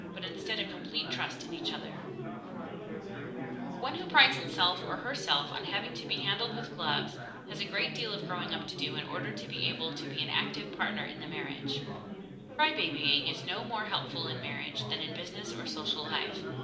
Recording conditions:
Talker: one person; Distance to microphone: 2.0 m; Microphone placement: close; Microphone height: 99 cm; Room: medium-sized (5.7 m by 4.0 m); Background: babble

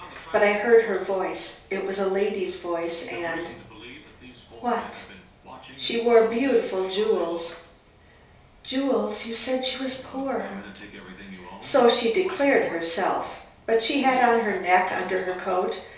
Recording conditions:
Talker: one person; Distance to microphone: 3.0 m; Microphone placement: far; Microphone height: 1.8 m; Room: small (3.7 m by 2.7 m); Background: television

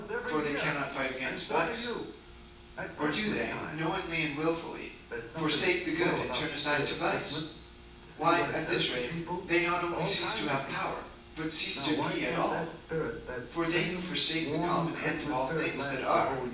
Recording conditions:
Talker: one person; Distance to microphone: 9.8 m; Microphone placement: far; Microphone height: 1.8 m; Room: large; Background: television

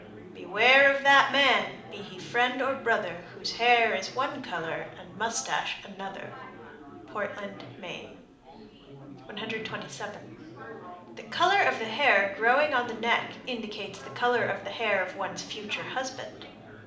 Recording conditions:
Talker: one person; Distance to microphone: 2.0 m; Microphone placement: close; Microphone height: 99 cm; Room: medium-sized (5.7 m by 4.0 m); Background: babble

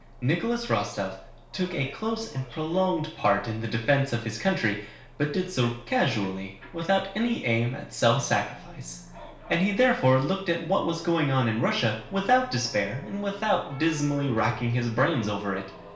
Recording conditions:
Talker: one person; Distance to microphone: 1.0 m; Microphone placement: close; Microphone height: 1.1 m; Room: small (3.7 m by 2.7 m); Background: television

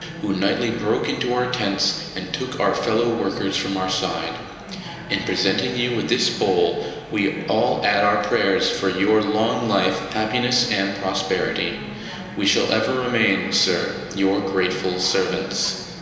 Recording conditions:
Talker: one person; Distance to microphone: 1.7 m; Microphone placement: close; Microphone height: 1.0 m; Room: very reverberant, large; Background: babble

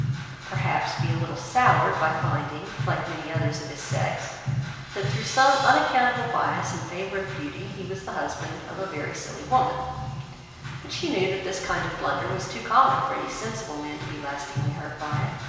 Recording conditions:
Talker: one person; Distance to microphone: 1.7 m; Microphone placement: close; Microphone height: 1.0 m; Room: very reverberant, large; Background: music

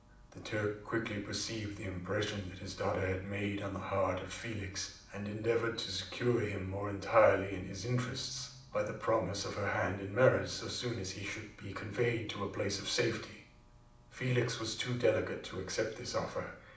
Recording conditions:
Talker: one person; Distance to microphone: 2.0 m; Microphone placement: close; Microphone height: 99 cm; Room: medium-sized (5.7 m by 4.0 m); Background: none

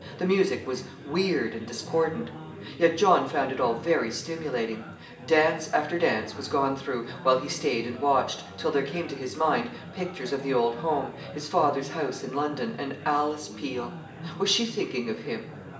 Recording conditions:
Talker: one person; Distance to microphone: 1.8 m; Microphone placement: close; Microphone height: 1.0 m; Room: large; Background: babble

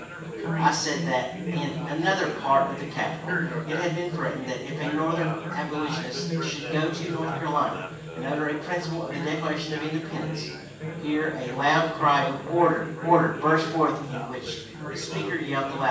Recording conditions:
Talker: one person; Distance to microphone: 9.8 m; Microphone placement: far; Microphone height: 1.8 m; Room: large; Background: babble

